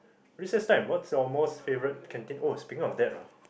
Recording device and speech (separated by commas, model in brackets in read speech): boundary microphone, conversation in the same room